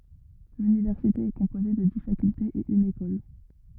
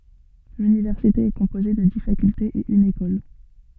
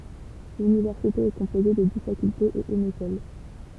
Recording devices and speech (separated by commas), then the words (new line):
rigid in-ear microphone, soft in-ear microphone, temple vibration pickup, read sentence
L'université est composée de dix facultés et une école.